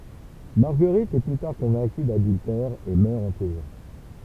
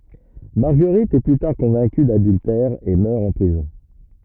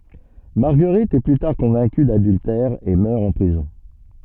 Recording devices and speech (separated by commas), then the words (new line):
temple vibration pickup, rigid in-ear microphone, soft in-ear microphone, read sentence
Marguerite est plus tard convaincue d'adultère et meurt en prison.